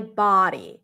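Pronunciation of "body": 'Body' is said the American English way: the first syllable has an open ah sound, which is different from the vowel in 'buddy'.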